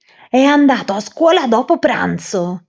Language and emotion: Italian, angry